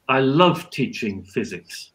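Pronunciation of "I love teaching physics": The sentence stress falls on 'love', showing how strong the positive feeling about teaching physics is.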